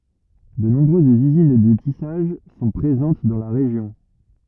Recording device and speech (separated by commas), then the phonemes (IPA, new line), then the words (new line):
rigid in-ear microphone, read sentence
də nɔ̃bʁøzz yzin də tisaʒ sɔ̃ pʁezɑ̃t dɑ̃ la ʁeʒjɔ̃
De nombreuses usines de tissage sont présentes dans la région.